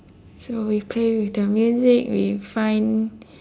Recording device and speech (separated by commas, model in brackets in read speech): standing microphone, conversation in separate rooms